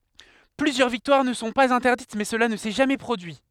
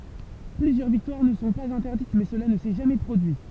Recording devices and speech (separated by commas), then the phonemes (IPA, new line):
headset microphone, temple vibration pickup, read sentence
plyzjœʁ viktwaʁ nə sɔ̃ paz ɛ̃tɛʁdit mɛ səla nə sɛ ʒamɛ pʁodyi